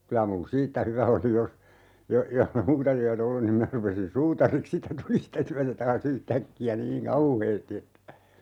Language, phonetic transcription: Finnish, 'kylä mu(n) "siittä hyvä oli jos , jo- , johh ‿e 'muuta tyä"t ‿ollun niim 'minä rupesin "suutariks siittä "tuli sitä 'tyätä taa's ‿yht"äkki₍ä 'niiŋ "kauheesti (että) , .
- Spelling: kyllä minun siitä hyvä oli jos - jos ei muuta työtä ollut niin minä rupesin suutariksi siitä tuli sitä työtä taas yhtäkkiä niin kauheasti että

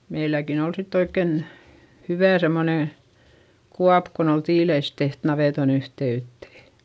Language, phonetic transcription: Finnish, meiläkin ‿ol sitt ‿oikken , hyvä̀ semmonè , kuap kon ‿ol tiileis teht navèton ‿yhte₍yttè .
- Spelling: meilläkin oli sitten oikein hyvä semmoinen kuoppa kun oli tiilistä tehty navetan yhteyteen

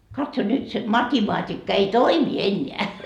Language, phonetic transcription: Finnish, katso 'nyt se 'matimaatikka ei "toimi 'eńńeä .
- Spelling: katso nyt se matematiikka ei toimi enää

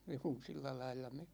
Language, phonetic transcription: Finnish, 'juu , 'sillä 'lailla me ,.
- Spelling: juu sillä lailla me

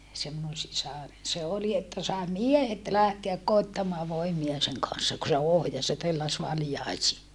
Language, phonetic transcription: Finnish, se minun sisaren se oli että sàe miehet lähteäk koittamaa voimia seŋ kan̬ssa ku se ohjas ja telläs valjaisii .
- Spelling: se minun sisareni se oli että sai miehet lähteä koettamaan voimia sen kanssa kun se ohjasi ja telläsi valjaisiin

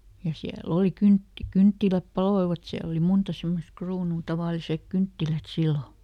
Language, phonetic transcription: Finnish, ja ˈsiä"l ‿òli ˈkynt- , ˈkynttiläp "paloivat ˈsiäl ‿oli ˈmunta ˈsemmosᵗ ˈkruunuu , ˈtavàlisek "kynttilät ˈsillo .
- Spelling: ja siellä oli - kynttilät paloivat siellä oli monta semmoista kruunua tavalliset kynttilät silloin

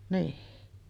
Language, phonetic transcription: Finnish, niiʰ .
- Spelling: niin

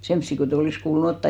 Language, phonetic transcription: Finnish, 'semssi kotei 'olis kuulu'n ‿ottà .
- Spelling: semmoisia kun ei olisi kuulunut ottaa

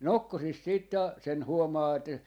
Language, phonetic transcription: Finnish, "nokkosis siit ta- , sen 'huomaa että ,.
- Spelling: nokkosissa sitten - sen huomaa että

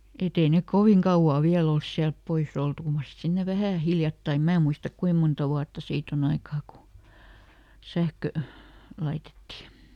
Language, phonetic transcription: Finnish, eˈt ‿ei nek "koviŋ kauʷaa ˈviäl ‿ols siälp ˈpois ‿oltu (ˈkyl) mar sit ˈsinne ˈvähä̀ "hiljattaim ˈmää muistak "kuim monta wuatta ˈsiit ‿oˈn ‿aikaa ku , ˈsähkö , ˈlaitetti .
- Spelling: että ei ne kovin kauaa vielä ole sieltä pois oltu kyllä mar sitten sinne vähän hiljattain minä muista kuinka monta vuotta siitä on aikaa kun sähkö laitettiin

